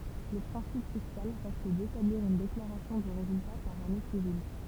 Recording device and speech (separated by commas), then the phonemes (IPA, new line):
temple vibration pickup, read sentence
lə pʁɛ̃sip fiskal ʁɛst detabliʁ yn deklaʁasjɔ̃ də ʁezylta paʁ ane sivil